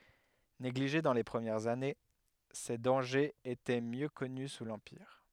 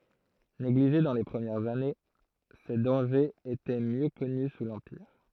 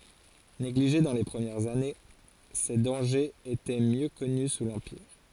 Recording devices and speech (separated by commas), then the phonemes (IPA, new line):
headset microphone, throat microphone, forehead accelerometer, read sentence
neɡliʒe dɑ̃ le pʁəmjɛʁz ane se dɑ̃ʒez etɛ mjø kɔny su lɑ̃piʁ